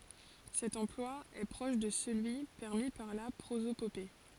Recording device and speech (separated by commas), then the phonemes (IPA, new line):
forehead accelerometer, read sentence
sɛt ɑ̃plwa ɛ pʁɔʃ də səlyi pɛʁmi paʁ la pʁozopope